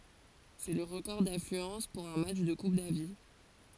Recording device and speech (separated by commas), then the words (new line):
forehead accelerometer, read sentence
C'est le record d'affluence pour un match de Coupe Davis.